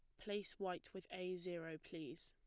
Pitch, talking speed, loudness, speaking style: 180 Hz, 175 wpm, -48 LUFS, plain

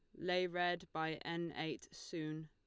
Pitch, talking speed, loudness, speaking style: 170 Hz, 160 wpm, -41 LUFS, Lombard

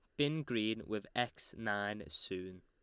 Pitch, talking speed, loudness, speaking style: 105 Hz, 150 wpm, -39 LUFS, Lombard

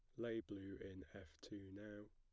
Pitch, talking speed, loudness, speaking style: 100 Hz, 190 wpm, -52 LUFS, plain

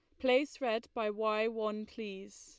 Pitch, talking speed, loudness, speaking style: 220 Hz, 165 wpm, -34 LUFS, Lombard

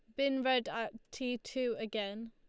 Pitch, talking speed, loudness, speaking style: 235 Hz, 170 wpm, -36 LUFS, Lombard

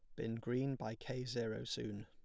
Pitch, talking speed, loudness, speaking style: 115 Hz, 195 wpm, -42 LUFS, plain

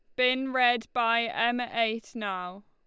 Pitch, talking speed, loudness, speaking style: 235 Hz, 145 wpm, -27 LUFS, Lombard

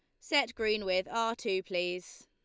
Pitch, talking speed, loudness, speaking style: 210 Hz, 175 wpm, -32 LUFS, Lombard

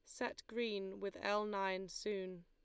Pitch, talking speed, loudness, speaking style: 200 Hz, 160 wpm, -42 LUFS, Lombard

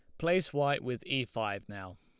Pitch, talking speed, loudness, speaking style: 125 Hz, 200 wpm, -33 LUFS, Lombard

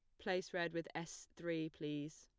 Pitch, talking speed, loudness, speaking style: 165 Hz, 180 wpm, -44 LUFS, plain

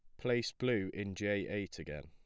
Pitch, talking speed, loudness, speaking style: 100 Hz, 195 wpm, -37 LUFS, plain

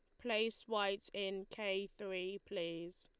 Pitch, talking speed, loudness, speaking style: 195 Hz, 130 wpm, -41 LUFS, Lombard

